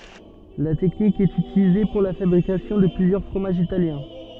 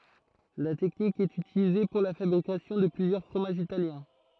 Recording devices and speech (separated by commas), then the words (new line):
soft in-ear microphone, throat microphone, read sentence
La technique est utilisée pour la fabrication de plusieurs fromages italiens.